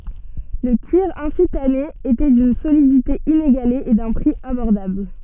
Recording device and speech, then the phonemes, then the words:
soft in-ear microphone, read sentence
lə kyiʁ ɛ̃si tane etɛ dyn solidite ineɡale e dœ̃ pʁi abɔʁdabl
Le cuir ainsi tanné était d'une solidité inégalée et d'un prix abordable.

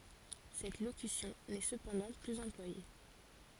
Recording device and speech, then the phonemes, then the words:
forehead accelerometer, read sentence
sɛt lokysjɔ̃ nɛ səpɑ̃dɑ̃ plyz ɑ̃plwaje
Cette locution n'est cependant plus employée.

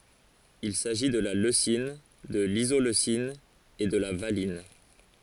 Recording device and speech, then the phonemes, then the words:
forehead accelerometer, read sentence
il saʒi də la løsin də lizoløsin e də la valin
Il s'agit de la leucine, de l'isoleucine et de la valine.

